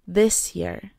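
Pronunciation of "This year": In 'this year', the s at the end of 'this' and the y at the start of 'year' blend into a sh sound.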